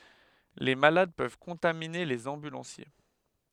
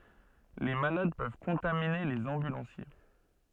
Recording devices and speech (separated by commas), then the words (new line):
headset microphone, soft in-ear microphone, read sentence
Les malades peuvent contaminer les ambulanciers.